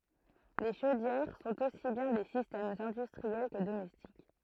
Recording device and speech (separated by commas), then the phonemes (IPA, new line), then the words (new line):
throat microphone, read sentence
le ʃodjɛʁ sɔ̃t osi bjɛ̃ de sistɛmz ɛ̃dystʁiɛl kə domɛstik
Les chaudières sont aussi bien des systèmes industriels que domestiques.